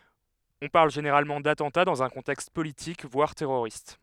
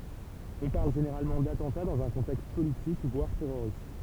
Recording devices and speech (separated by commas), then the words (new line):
headset microphone, temple vibration pickup, read sentence
On parle généralement d'attentat dans un contexte politique, voire terroriste.